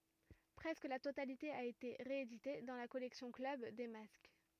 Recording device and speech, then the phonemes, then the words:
rigid in-ear microphone, read sentence
pʁɛskə la totalite a ete ʁeedite dɑ̃ la kɔlɛksjɔ̃ klœb de mask
Presque la totalité a été rééditée dans la collection Club des Masques.

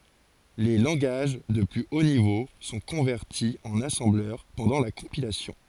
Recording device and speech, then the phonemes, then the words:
forehead accelerometer, read sentence
le lɑ̃ɡaʒ də ply o nivo sɔ̃ kɔ̃vɛʁti ɑ̃n asɑ̃blœʁ pɑ̃dɑ̃ la kɔ̃pilasjɔ̃
Les langages de plus haut niveau sont convertis en assembleur pendant la compilation.

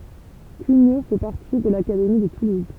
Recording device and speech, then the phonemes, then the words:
temple vibration pickup, read sentence
kyɲo fɛ paʁti də lakademi də tuluz
Cugnaux fait partie de l'académie de Toulouse.

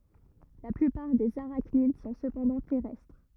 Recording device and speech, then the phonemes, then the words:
rigid in-ear microphone, read sentence
la plypaʁ dez aʁaknid sɔ̃ səpɑ̃dɑ̃ tɛʁɛstʁ
La plupart des arachnides sont cependant terrestres.

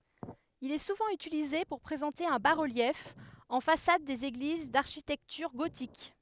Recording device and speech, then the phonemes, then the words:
headset microphone, read sentence
il ɛ suvɑ̃ ytilize puʁ pʁezɑ̃te œ̃ ba ʁəljɛf ɑ̃ fasad dez eɡliz daʁʃitɛktyʁ ɡotik
Il est souvent utilisé pour présenter un bas-relief en façade des églises d’architecture gothique.

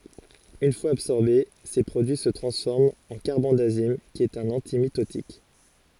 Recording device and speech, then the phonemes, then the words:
forehead accelerometer, read sentence
yn fwaz absɔʁbe se pʁodyi sə tʁɑ̃sfɔʁmt ɑ̃ kaʁbɑ̃dazim ki ɛt œ̃n ɑ̃timitotik
Une fois absorbés, ces produits se transforment en carbendazime qui est un antimitotique.

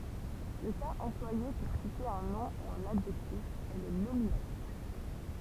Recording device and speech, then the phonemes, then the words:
temple vibration pickup, read sentence
lə kaz ɑ̃plwaje puʁ site œ̃ nɔ̃ u œ̃n adʒɛktif ɛ lə nominatif
Le cas employé pour citer un nom ou un adjectif est le nominatif.

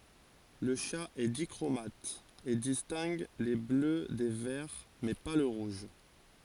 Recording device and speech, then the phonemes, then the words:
forehead accelerometer, read sentence
lə ʃa ɛ dikʁomat e distɛ̃ɡ le blø de vɛʁ mɛ pa lə ʁuʒ
Le chat est dichromate, et distingue les bleus des verts, mais pas le rouge.

